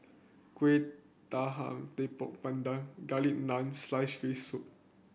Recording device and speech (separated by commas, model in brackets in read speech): boundary microphone (BM630), read sentence